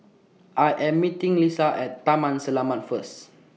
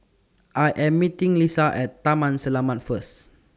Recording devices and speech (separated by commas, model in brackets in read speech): mobile phone (iPhone 6), standing microphone (AKG C214), read sentence